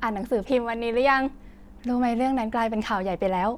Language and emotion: Thai, happy